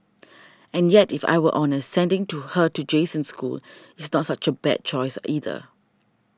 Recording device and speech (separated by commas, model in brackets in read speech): standing microphone (AKG C214), read sentence